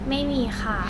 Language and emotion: Thai, neutral